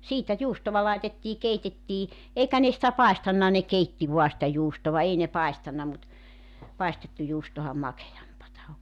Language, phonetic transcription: Finnish, 'siitä 'juustova laetettii 'keitettii , 'eikä ne sⁱtä "paestanna ne "keitti vua sⁱtä 'juustova 'ei ne 'paistanna mut , 'paistettu juustoham 'makejampata o .
- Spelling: siitä juustoa laitettiin keitettiin eikä ne sitä paistanut ne keitti vain sitä juustoa ei ne paistanut mutta paistettu juustohan makeampaa on

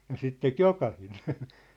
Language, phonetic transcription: Finnish, ja 'sit 'tek "jokahinen̬ .
- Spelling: ja sitä teki jokainen

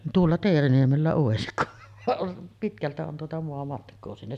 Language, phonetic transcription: Finnish, 'tuolla 'Teeriniemellä òesik ku , 'vaˀ ˀon , 'pitkältä on tuota 'moamatk̀oo sinne .
- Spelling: tuolla Teeriniemellä olisi kun vaan on pitkältä on tuota maamatkaa sinne

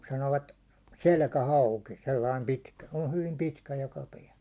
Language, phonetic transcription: Finnish, 'sanoovat , "selkähauki , 'sellaim 'pitkä , se o hyvim 'pitkä ja 'kapea .
- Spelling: sanovat selkähauki sellainen pitkä se on hyvin pitkä ja kapea

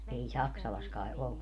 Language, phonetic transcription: Finnish, 'ei "Saksalas kae "ollu .
- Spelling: ei Saksalassa kai ollut

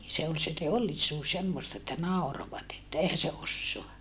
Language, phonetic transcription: Finnish, se ol se teollisuus semmosta että nàorovat ‿että » eihä se ossoa » .
- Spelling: se oli se teollisuus semmoista että nauroivat että eihän se osaa

